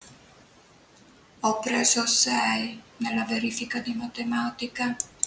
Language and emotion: Italian, sad